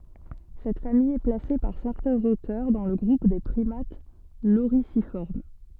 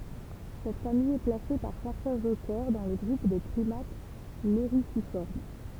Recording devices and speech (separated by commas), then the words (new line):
soft in-ear microphone, temple vibration pickup, read sentence
Cette famille est placée par certains auteurs dans le groupe des primates lorisiformes.